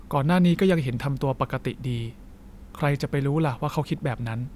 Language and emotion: Thai, neutral